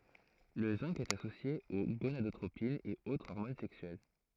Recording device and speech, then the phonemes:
throat microphone, read sentence
lə zɛ̃ɡ ɛt asosje o ɡonadotʁopinz e o ɔʁmon sɛksyɛl

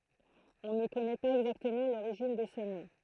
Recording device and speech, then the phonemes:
throat microphone, read sentence
ɔ̃ nə kɔnɛ paz ɛɡzaktəmɑ̃ loʁiʒin də sə nɔ̃

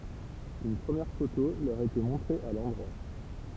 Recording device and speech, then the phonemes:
temple vibration pickup, read sentence
yn pʁəmjɛʁ foto lœʁ etɛ mɔ̃tʁe a lɑ̃dʁwa

